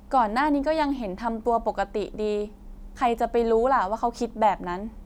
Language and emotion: Thai, frustrated